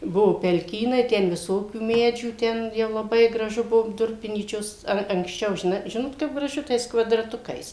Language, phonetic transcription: Lithuanian, ˈbuvo pelˈkynai ˈten viˈsokių ˈmedžių ˈten jau laˈbai graˈžu ˈbuvo ˈdurpinyčios ˈar anksˈčiau žiˈnai ˈžinot kaip graˈžu tais kvadraˈtukais

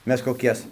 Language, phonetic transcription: Lithuanian, ˈmes koˈkias

